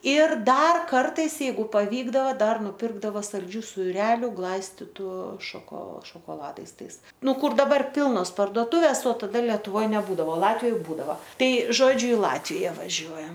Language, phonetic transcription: Lithuanian, ˈir ˈdar ˈkartais jeiˈgu paˈvykdava ˈdar nuˈpirkdava salˈdžių suˈreliu ˈglaistitu šaˈko šokoˈladais ˈtais ˈnu ˈkur daˈbar ˈpilnos pardoˈtuvės o taˈda letuˈvoj neˈbūdavo ˈlatvijoj ˈbūdava ˈtai ˈžodžiu i ˈlatvija vaˈžiuojam

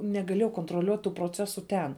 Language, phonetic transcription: Lithuanian, negaˈlėjau kontroˈliuot' tų proˈcesu ˈten

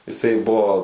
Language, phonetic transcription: Lithuanian, iˈsai ˈbuo

